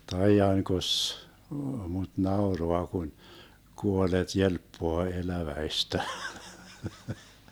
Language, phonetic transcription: Finnish, » 'taijaŋkos , mut 'naoroa kun , 'kuolet 'jelppoa 'eläväistä . »
- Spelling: taidankos mutta nauraa kun kuolleet jelppaa eläväistä

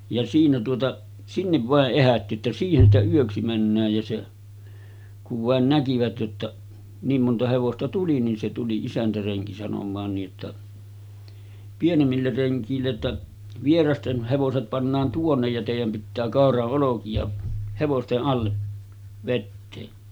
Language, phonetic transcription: Finnish, ja siinä tuota , 'sinnev vàeˀ "ˀehätti että » 'siihen ‿stä 'yöksi männääj « ja se , kuv vàen 'näkivät jotta , 'niim monta hevosta "tuli nin se tuli 'isäntäreŋki sanom̆maan nii’ ’että , 'pienemmiller 'reŋk̀iille ‿ttä , » 'vierasten , hevoset pannaan "tuonnej ja tèijäm pittää 'kàora’ ’oloki₍a , 'hevoste’ ’alle , vettee « .
- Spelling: ja siinä tuota sinne vain ehätti että siihen sitä yöksi mennään ja se kun vain näkivät jotta niin monta hevosta tuli niin se tuli isäntärenki sanomaan niin että pienemmille rengeille että vieraiden hevoset pannaan tuonne ja teidän pitää kauran olkia hevosten alle vetää

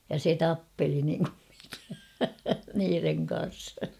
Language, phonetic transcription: Finnish, ja 'se "tappeli niŋkum mikä , 'niireŋ kan̬s .
- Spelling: ja se tappeli niin kuin mikä niiden kanssa

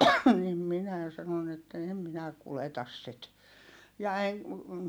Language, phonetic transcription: Finnish, nim minä̀ sanon ‿että » èm minä kuletas sit » , ja eŋ ,.
- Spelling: niin minä sanoin että en minä kuljeta sitä ja en

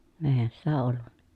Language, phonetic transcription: Finnish, eehän sitä olluNNA ,.
- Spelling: eihän sitä ollut

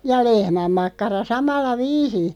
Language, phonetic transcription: Finnish, ja "lehmämmakkara 'samalla "viisiḭ .
- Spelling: ja lehmänmakkara samalla viisiin

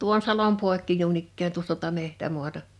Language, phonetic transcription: Finnish, 'tuon 'salom 'pòekki 'nuin ‿ikkään tuosta (tuo)ta 'mehtämuata .
- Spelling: tuon salon poikki noin ikään tuosta tuota metsämaata

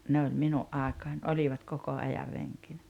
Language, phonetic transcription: Finnish, 'ne oĺ 'minu’ '’àekaań "oĺivat 'koko 'ajar 'reŋkinä .
- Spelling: ne oli minun aikaani olivat koko ajan renkinä

